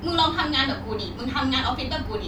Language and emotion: Thai, angry